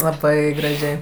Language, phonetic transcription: Lithuanian, laˈbai graˈžiai

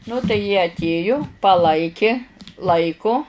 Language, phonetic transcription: Lithuanian, ˈnu tai jie atˈėju paˈlaiki ˈlaiku

